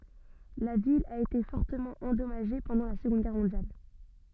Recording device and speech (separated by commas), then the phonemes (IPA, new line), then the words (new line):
soft in-ear microphone, read sentence
la vil a ete fɔʁtəmɑ̃ ɑ̃dɔmaʒe pɑ̃dɑ̃ la səɡɔ̃d ɡɛʁ mɔ̃djal
La ville a été fortement endommagée pendant la Seconde Guerre mondiale.